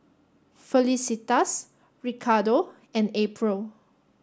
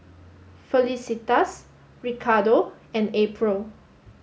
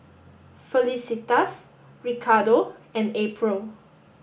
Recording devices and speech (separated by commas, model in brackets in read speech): standing microphone (AKG C214), mobile phone (Samsung S8), boundary microphone (BM630), read sentence